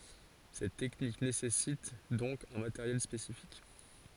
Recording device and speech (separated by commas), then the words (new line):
forehead accelerometer, read sentence
Cette technique nécessite donc un matériel spécifique.